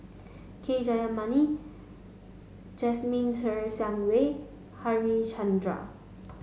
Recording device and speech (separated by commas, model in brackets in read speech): mobile phone (Samsung S8), read sentence